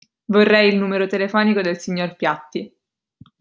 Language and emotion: Italian, neutral